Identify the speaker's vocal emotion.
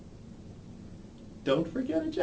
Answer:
sad